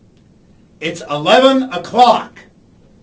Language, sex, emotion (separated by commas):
English, male, angry